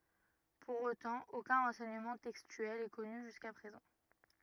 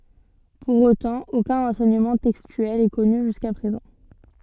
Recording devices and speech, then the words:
rigid in-ear microphone, soft in-ear microphone, read sentence
Pour autant, aucun renseignement textuel est connu jusqu'à présent.

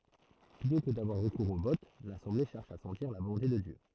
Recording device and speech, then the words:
throat microphone, read sentence
Plutôt que d'avoir recours au vote, l'assemblée cherche à sentir la volonté de Dieu.

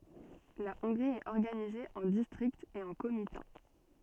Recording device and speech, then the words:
soft in-ear microphone, read sentence
La Hongrie est organisée en districts et en comitats.

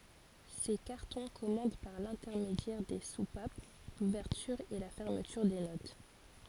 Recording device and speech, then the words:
forehead accelerometer, read sentence
Ces cartons commandent par l'intermédiaire des soupapes l'ouverture et la fermeture des notes.

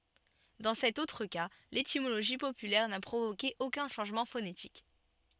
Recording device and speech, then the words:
soft in-ear microphone, read sentence
Dans cet autre cas, l'étymologie populaire n'a provoqué aucun changement phonétique.

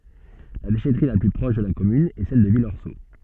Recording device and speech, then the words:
soft in-ear microphone, read sentence
La déchèterie la plus proche de la commune est celle de Villorceau.

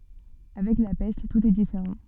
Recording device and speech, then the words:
soft in-ear microphone, read sentence
Avec la peste, tout est différent.

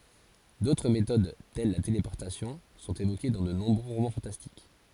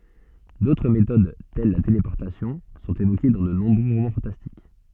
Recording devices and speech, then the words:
forehead accelerometer, soft in-ear microphone, read sentence
D'autres méthodes, telles la téléportation, sont évoquées dans de nombreux romans fantastiques.

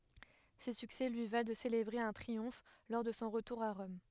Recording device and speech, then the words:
headset microphone, read sentence
Ces succès lui valent de célébrer un triomphe lors de son retour à Rome.

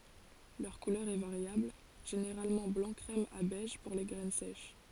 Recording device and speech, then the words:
forehead accelerometer, read sentence
Leur couleur est variable, généralement blanc crème à beige pour les graines sèches.

